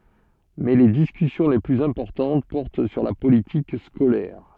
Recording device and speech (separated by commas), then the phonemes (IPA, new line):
soft in-ear microphone, read sentence
mɛ le diskysjɔ̃ le plyz ɛ̃pɔʁtɑ̃t pɔʁt syʁ la politik skolɛʁ